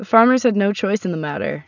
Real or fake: real